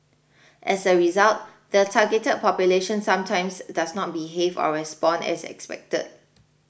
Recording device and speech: boundary microphone (BM630), read sentence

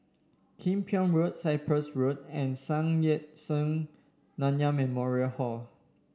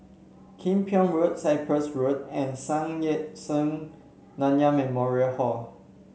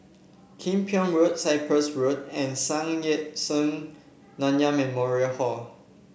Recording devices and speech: standing microphone (AKG C214), mobile phone (Samsung C7), boundary microphone (BM630), read sentence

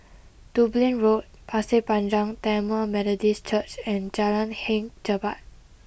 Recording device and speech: boundary microphone (BM630), read sentence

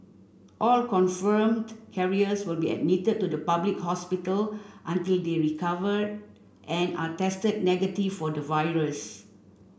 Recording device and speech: boundary microphone (BM630), read sentence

